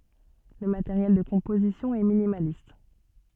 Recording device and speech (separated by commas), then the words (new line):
soft in-ear microphone, read sentence
Le matériel de composition est minimaliste.